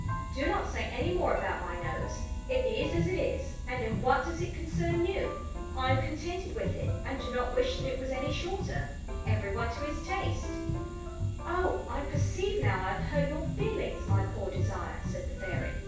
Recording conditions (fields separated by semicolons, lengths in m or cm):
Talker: one person; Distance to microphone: 9.8 m; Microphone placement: far; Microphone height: 1.8 m; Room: large; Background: music